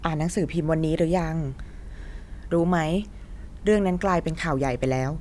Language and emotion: Thai, neutral